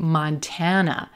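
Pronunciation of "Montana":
In 'Montana', the first syllable is not reduced to a schwa, but it is not stressed either. The final syllable is a schwa.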